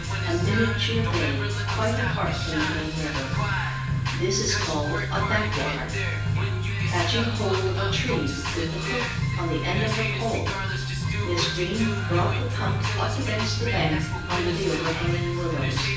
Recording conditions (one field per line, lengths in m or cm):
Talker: one person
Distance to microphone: 9.8 m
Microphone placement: far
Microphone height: 1.8 m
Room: large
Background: music